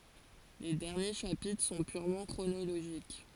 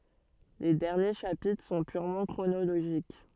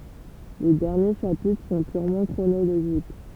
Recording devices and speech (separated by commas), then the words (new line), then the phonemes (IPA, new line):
forehead accelerometer, soft in-ear microphone, temple vibration pickup, read sentence
Les derniers chapitres sont purement chronologiques.
le dɛʁnje ʃapitʁ sɔ̃ pyʁmɑ̃ kʁonoloʒik